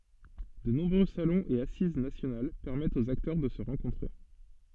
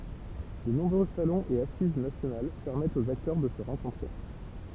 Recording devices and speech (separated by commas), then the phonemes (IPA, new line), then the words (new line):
soft in-ear microphone, temple vibration pickup, read sentence
də nɔ̃bʁø salɔ̃z e asiz nasjonal pɛʁmɛtt oz aktœʁ də sə ʁɑ̃kɔ̃tʁe
De nombreux salons et assises nationales permettent aux acteurs de se rencontrer.